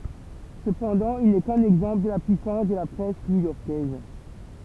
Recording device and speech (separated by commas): temple vibration pickup, read sentence